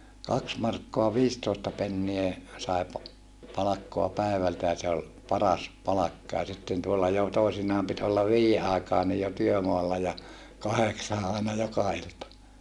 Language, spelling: Finnish, kaksi markkaa viisitoista penniä sai - palkkaa päivältä ja se oli paras palkka ja sitten tuolla jo toisinaan piti olla viiden aikaankin jo työmaalla ja kahdeksaan aina joka ilta
- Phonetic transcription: kaks markkoa viistoosta pennie , sài pa- , palakkoa pä̀evältä ja se ol , paras palakka ja sitten tuolla jo , toisinaam pit olla viijje àekaanij jo työmoalla ja , kaheksaa ʼàena joka ilta .

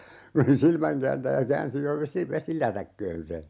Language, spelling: Finnish, kun se oli silmänkääntäjä käänsi jo - vesilätäkköön sen
- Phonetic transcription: kun̬ se oli 'silmäŋkääntäjä 'käänsi jo "vesi - "vesilätäkköön se .

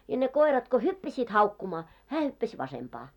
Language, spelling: Finnish, ja ne koirat kun hyppäsivät haukkumaan hän hyppäsi vasempaan
- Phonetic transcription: ja ne 'koirat ko "hyppäsiit haukkumaa , 'hää hyppäs 'vasempaa .

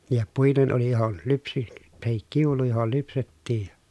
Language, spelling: Finnish, ja puinen oli johon - tai kiulu johon lypsettiin ja
- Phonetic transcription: ja puinen oli johon , lypsi- , tahik kiulu johol lypsettiij ja .

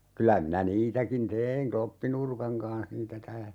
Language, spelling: Finnish, kyllä minä niitäkin tein kloppinurkan kanssa niitä täällä
- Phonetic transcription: 'kylä minä 'niitäkin "teeiŋ 'kloppinurkaŋ kanh niitä ('täälä) .

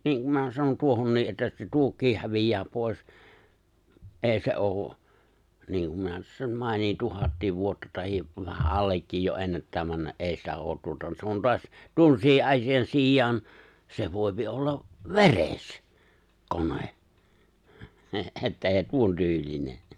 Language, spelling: Finnish, niin kun minä sanon tuohonkin että se tuokin häviää pois ei se ole niin kuin minä sen mainitsin tuhat vuotta tai vähän allekin jo ennättää mennä ei sitä ole tuota se on taas tuommoisia asian sijaan se voi olla veres kone että ei tuontyylinen
- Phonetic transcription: 'niiŋ kum m(inä) sanon 'tuohonnii’ ’että se 'tuok̀iih 'hävij̀ää 'pòi̬s , '’eeⁱ se '’ooᵘ , niiŋkum minä (sen) 'màinihin "tuhattiiv 'vuotta tahiv vähä’ '’allekkiij jo '’ennättää 'männä '’e̬e̬ⁱ sitä 'oot 'tuota se on 'to̭as , 'tuommos(ii) ’asijan 'siij̆jaan , se 'voi̬pi ollav , "ve̬res , 'kone , , että 'èi̬ 'tuontyyĺine .

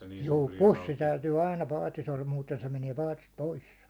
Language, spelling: Finnish, juu pussi täytyy aina paatissa olla muuten se menee paatista pois
- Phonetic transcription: juu "pussi 'täytyy aina 'paatis ‿ol 'muuten se meniɛ "paatist "poissᴀ .

